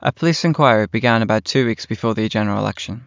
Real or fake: real